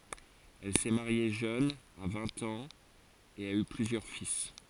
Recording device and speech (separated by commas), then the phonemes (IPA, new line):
forehead accelerometer, read sentence
ɛl sɛ maʁje ʒøn a vɛ̃t ɑ̃z e a y plyzjœʁ fil